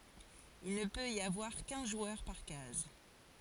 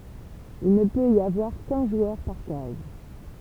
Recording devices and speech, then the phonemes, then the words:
forehead accelerometer, temple vibration pickup, read sentence
il nə pøt i avwaʁ kœ̃ ʒwœʁ paʁ kaz
Il ne peut y avoir qu'un joueur par case.

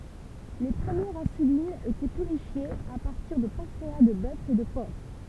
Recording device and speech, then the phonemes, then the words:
temple vibration pickup, read sentence
le pʁəmjɛʁz ɛ̃sylinz etɛ pyʁifjez a paʁtiʁ də pɑ̃kʁea də bœf e də pɔʁk
Les premières insulines étaient purifiées à partir de pancréas de bœuf et de porc.

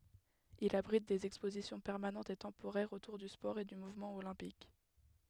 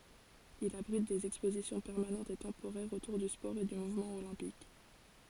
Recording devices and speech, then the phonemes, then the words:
headset microphone, forehead accelerometer, read sentence
il abʁit dez ɛkspozisjɔ̃ pɛʁmanɑ̃tz e tɑ̃poʁɛʁz otuʁ dy spɔʁ e dy muvmɑ̃ olɛ̃pik
Il abrite des expositions permanentes et temporaires autour du sport et du mouvement olympique.

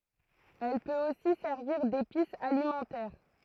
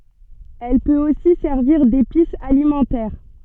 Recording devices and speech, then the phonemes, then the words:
throat microphone, soft in-ear microphone, read sentence
ɛl pøt osi sɛʁviʁ depis alimɑ̃tɛʁ
Elle peut aussi servir d'épice alimentaire.

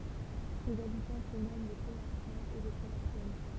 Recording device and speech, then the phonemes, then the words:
temple vibration pickup, read sentence
sez abitɑ̃ sə nɔmɑ̃ le kloaʁsjɛ̃z e le kloaʁsjɛn
Ses habitants se nomment les Cloharsiens et les Cloharsiennes.

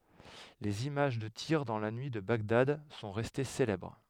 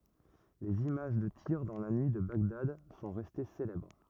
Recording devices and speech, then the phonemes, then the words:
headset microphone, rigid in-ear microphone, read sentence
lez imaʒ də tiʁ dɑ̃ la nyi də baɡdad sɔ̃ ʁɛste selɛbʁ
Les images de tirs dans la nuit de Bagdad sont restées célèbres.

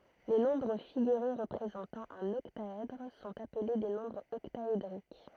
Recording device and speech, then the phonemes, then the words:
throat microphone, read sentence
le nɔ̃bʁ fiɡyʁe ʁəpʁezɑ̃tɑ̃ œ̃n ɔktaɛdʁ sɔ̃t aple de nɔ̃bʁz ɔktaedʁik
Les nombres figurés représentant un octaèdre sont appelés des nombres octaédriques.

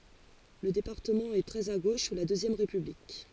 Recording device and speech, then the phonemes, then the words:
forehead accelerometer, read sentence
lə depaʁtəmɑ̃ ɛ tʁɛz a ɡoʃ su la døzjɛm ʁepyblik
Le département est très à gauche sous la Deuxième République.

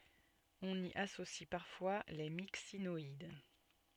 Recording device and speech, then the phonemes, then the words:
soft in-ear microphone, read sentence
ɔ̃n i asosi paʁfwa le miksinɔid
On y associe parfois les Myxinoïdes.

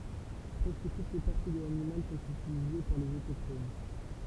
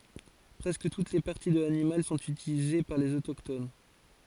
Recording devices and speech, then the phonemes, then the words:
temple vibration pickup, forehead accelerometer, read sentence
pʁɛskə tut le paʁti də lanimal sɔ̃t ytilize paʁ lez otokton
Presque toutes les parties de l'animal sont utilisées par les autochtones.

